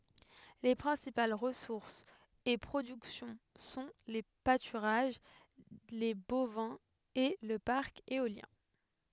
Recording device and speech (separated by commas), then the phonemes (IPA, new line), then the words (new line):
headset microphone, read sentence
le pʁɛ̃sipal ʁəsuʁsz e pʁodyksjɔ̃ sɔ̃ le patyʁaʒ le bovɛ̃z e lə paʁk eoljɛ̃
Les principales ressources et productions sont les pâturages, les bovins et le parc éolien.